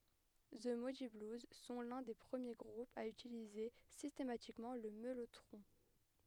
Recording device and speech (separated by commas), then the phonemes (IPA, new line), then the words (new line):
headset microphone, read sentence
zə mudi bluz sɔ̃ lœ̃ de pʁəmje ɡʁupz a ytilize sistematikmɑ̃ lə mɛlotʁɔ̃
The Moody Blues sont l'un des premiers groupes à utiliser systématiquement le mellotron.